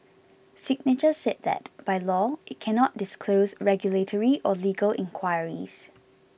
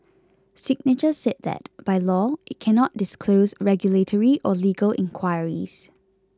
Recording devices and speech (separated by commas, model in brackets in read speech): boundary microphone (BM630), close-talking microphone (WH20), read sentence